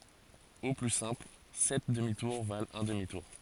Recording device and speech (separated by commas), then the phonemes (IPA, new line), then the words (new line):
forehead accelerometer, read sentence
o ply sɛ̃pl sɛt dəmi tuʁ valt œ̃ dəmi tuʁ
Au plus simple, sept demi-tours valent un demi-tour.